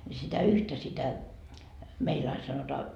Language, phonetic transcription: Finnish, ńi sitä 'yhtä sitä , 'meil ain sanotaa ,.
- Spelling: niin sitä yhtä sitä meillä aina sanotaan

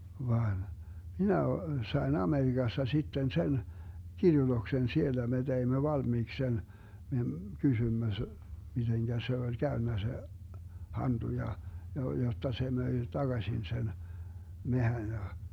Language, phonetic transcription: Finnish, 'vaan , 'minä o- , 'sai̮n "AmeriGasta 'sitten 'sen , 'kirjutoksen "siellä me 'teimmö 'valmiiks 'sen , 'me , 'kysymmö s- , 'miteŋkä se oĺ 'käönnä se , 'hanDu ja , ja 'jotta se 'möi "taGaśin sen , 'mehän ja ,.
- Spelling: vaan minä - sain Amerikasta sitten sen kirjoituksen siellä me teimme valmiiksi sen me kysyimme - miten se oli käynyt se hantu ja ja jotta se myi takaisin sen metsän ja

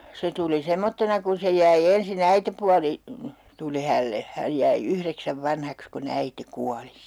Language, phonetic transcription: Finnish, 'se tuli 'semmottena kun se jäi 'ensi'n ‿äitepuali , 'tuli hälle , 'häj jäi "ykreksäv "vanhaks ku'n ‿äite 'kuali .
- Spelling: se tuli semmoisena kun se jäi ensin äitipuoli tuli hänelle hän jäi yhdeksän vanhaksi kun äiti kuoli

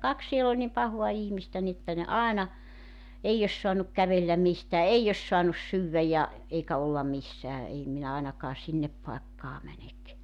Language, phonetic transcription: Finnish, 'kaks siel ‿oĺ nim 'pahoa 'ihmistä ni ‿ᵉttä ne "aena , 'eij ‿os soanuk 'kävelläm 'mistää "ei os 'soanus 'syywvä ja , 'eikä olla 'missää ei minä 'ainakaa 'sinnep paekkaa 'mänek .
- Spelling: kaksi siellä oli niin pahaa ihmistä niin että ne aina ei olisi saanut kävellä mistään ei olisi saanut syödä ja eikä olla missään ei minä ainakaan sinne paikkaan mene

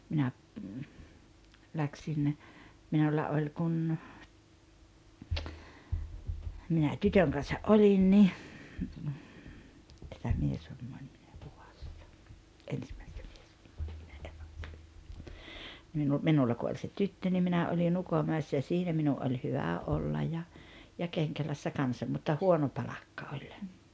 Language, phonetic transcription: Finnish, minä , 'läksin , 'minulla oĺ kun , minä "tytöŋ kansa’ "’olin ni , , 'minulla kun oĺ se "tyttö ni 'minä oli'n ‿Ukomä̀essä ja ja 'siinä minu’ ’oĺ 'hyvä '’ollaj ja , ja 'Keŋkälässä 'kansa mutta "huono "palakka 'oĺ .
- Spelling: minä lähdin minulla oli kun minä tytön kanssa olin niin minulla kun oli se tyttö niin minä olin Ukonmäessä ja ja siinä minun oli hyvä olla ja ja Kenkälässä kanssa mutta huono palkka oli

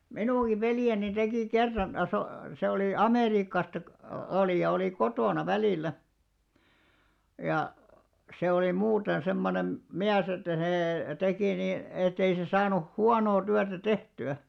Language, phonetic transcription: Finnish, 'minuŋɢi 'veljeni 'tekì "kerran , a- so- , se olì "Amèriikkasta kᵒ- , 'olì ja olì "kotòna 'välìllä , ja , se oli 'muuten semmonem , "miäs ‿että see , 'tekì ni , ettei se 'saanuh "huanoo 'tyätä "tehty₍ä .
- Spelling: minunkin veljeni teki kerran - - se oli Amerikasta - oli ja oli kotona välillä ja se oli muuten semmoinen mies että se teki niin että ei se saanut huonoa työtä tehtyä

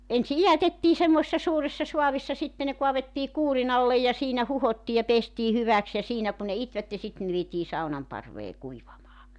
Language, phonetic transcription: Finnish, 'ensi "ijätettii semmoⁱ(se)ssa 'suuressa 'suavissa 'sitte ne 'kuavettii 'kuurinallej ja 'siinä 'huhottii ja 'pestii 'hyväks ja 'siinä ku ne 'itvätte sitte ne vietii 'saunamparvee 'kuivamaa .
- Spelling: ensin idätettiin semmoisessa suuressa saavissa sitten ne kaadettiin kuurinalle ja siinä huuhdottiin ja pestiin hyväksi ja siinä kun ne itivät sitten ne vietiin saunanparveen kuivamaan

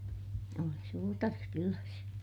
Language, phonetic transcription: Finnish, oli suutari kyläs .
- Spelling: oli suutari kylässä

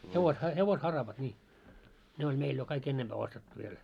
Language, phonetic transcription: Finnish, 'hevosha- 'hevos"haravat ńii , ne oĺ 'meil jo kaik 'ennempää ostettu viel .
- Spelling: - hevosharavat niin ne oli meillä jo kaikki ennempää ostettu vielä

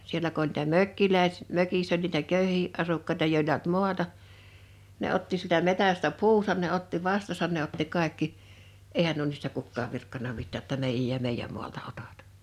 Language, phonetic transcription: Finnish, 'sielä ku ‿oĺ nìtä "mökkiläes- , 'mökiss ‿oĺ niitä "kö̀yhiʰⁱ’ '’asukkaeta 'jòel(a ei) olt "muata , ne 'otti sieltä 'metästä 'puusan ne 'otti 'vastasan ne otti 'kàekki , '’eihän nuo niistä 'kukkaav 'virkkana 'mittää ‿tta » 'meijᵃ̈j ja 'meijjäm mualta 'otat « .
- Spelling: siellä kun oli niitä - mökissä oli niitä köyhiä asukkaita joilla ei ollut maata ne otti sieltä metsästä puunsa ne otti vastansa ne otti kaikki eihän nuo niistä kukaan virkkanut mitään jotta meidän ja meidän maalta otat

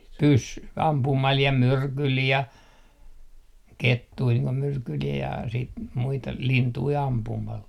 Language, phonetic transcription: Finnish, pys- , 'ampumal ja "myrkyl ja , "kettui niiŋ ko 'myrkyl ja siit 'muita , 'lintui 'ampumal .
- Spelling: - ampumalla ja myrkyllä ja kettuja niin kuin myrkyllä ja sitten muita lintuja ampumalla

